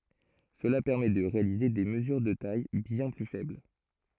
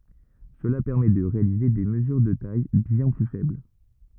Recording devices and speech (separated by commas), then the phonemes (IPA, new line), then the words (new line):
throat microphone, rigid in-ear microphone, read sentence
səla pɛʁmɛ də ʁealize de məzyʁ də taj bjɛ̃ ply fɛbl
Cela permet de réaliser des mesures de tailles bien plus faibles.